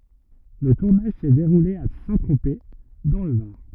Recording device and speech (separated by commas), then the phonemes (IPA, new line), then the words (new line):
rigid in-ear microphone, read sentence
lə tuʁnaʒ sɛ deʁule a sɛ̃tʁope dɑ̃ lə vaʁ
Le tournage s'est déroulé à Saint-Tropez, dans le Var.